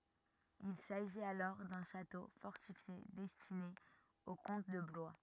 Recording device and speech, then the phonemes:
rigid in-ear microphone, read sentence
il saʒit alɔʁ dœ̃ ʃato fɔʁtifje dɛstine o kɔ̃t də blwa

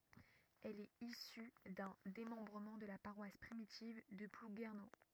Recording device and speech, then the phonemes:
rigid in-ear microphone, read sentence
ɛl ɛt isy dœ̃ demɑ̃bʁəmɑ̃ də la paʁwas pʁimitiv də pluɡɛʁno

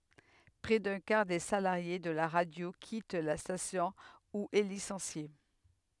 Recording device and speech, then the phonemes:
headset microphone, read sentence
pʁɛ dœ̃ kaʁ de salaʁje də la ʁadjo kit la stasjɔ̃ u ɛ lisɑ̃sje

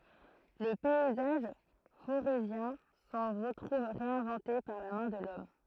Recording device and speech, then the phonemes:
throat microphone, read sentence
lə pɛizaʒ foʁezjɛ̃ sɑ̃ ʁətʁuv ʁeɛ̃vɑ̃te paʁ la mɛ̃ də lɔm

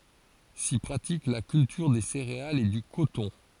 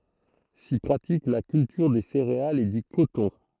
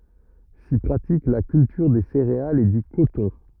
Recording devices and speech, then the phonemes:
forehead accelerometer, throat microphone, rigid in-ear microphone, read sentence
si pʁatik la kyltyʁ de seʁealz e dy kotɔ̃

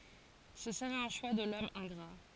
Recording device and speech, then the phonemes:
forehead accelerometer, read sentence
sə səʁɛt œ̃ ʃwa də lɔm ɛ̃ɡʁa

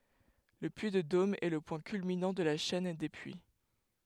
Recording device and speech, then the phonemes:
headset microphone, read sentence
lə pyi də dom ɛ lə pwɛ̃ kylminɑ̃ də la ʃɛn de pyi

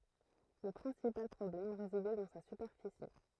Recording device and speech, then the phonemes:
throat microphone, read sentence
lə pʁɛ̃sipal pʁɔblɛm ʁezidɛ dɑ̃ sa sypɛʁfisi

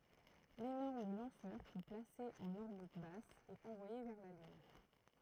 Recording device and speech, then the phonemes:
throat microphone, read sentence
lenɔʁm lɑ̃sœʁ pø plase ɑ̃n ɔʁbit bas e ɑ̃vwaje vɛʁ la lyn

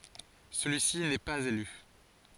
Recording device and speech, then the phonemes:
forehead accelerometer, read sentence
səlyi si nɛ paz ely

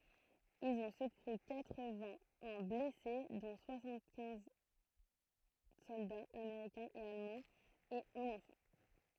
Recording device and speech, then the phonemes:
throat microphone, read sentence
ilz ɔ̃ səkuʁy katʁ vɛ̃ œ̃ blɛse dɔ̃ swasɑ̃t kɛ̃z sɔldaz ameʁikɛ̃z e almɑ̃z e œ̃n ɑ̃fɑ̃

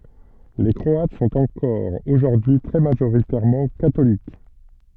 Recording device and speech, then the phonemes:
soft in-ear microphone, read sentence
le kʁɔat sɔ̃t ɑ̃kɔʁ oʒuʁdyi y tʁɛ maʒoʁitɛʁmɑ̃ katolik

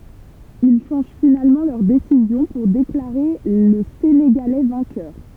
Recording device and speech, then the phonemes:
temple vibration pickup, read sentence
il ʃɑ̃ʒ finalmɑ̃ lœʁ desizjɔ̃ puʁ deklaʁe lə seneɡalɛ vɛ̃kœʁ

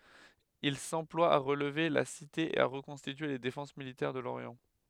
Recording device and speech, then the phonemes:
headset microphone, read sentence
il sɑ̃plwa a ʁəlve la site e a ʁəkɔ̃stitye le defɑ̃s militɛʁ də loʁjɑ̃

